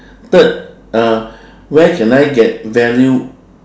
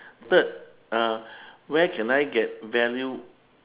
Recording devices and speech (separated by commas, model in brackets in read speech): standing microphone, telephone, conversation in separate rooms